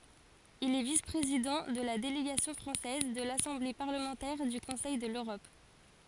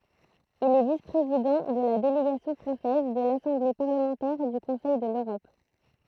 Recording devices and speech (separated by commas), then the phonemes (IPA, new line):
forehead accelerometer, throat microphone, read sentence
il ɛ vis pʁezidɑ̃ də la deleɡasjɔ̃ fʁɑ̃sɛz də lasɑ̃ble paʁləmɑ̃tɛʁ dy kɔ̃sɛj də løʁɔp